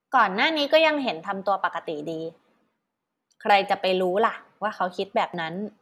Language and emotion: Thai, neutral